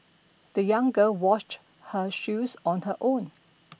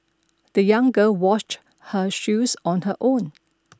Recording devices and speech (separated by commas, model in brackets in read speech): boundary microphone (BM630), standing microphone (AKG C214), read sentence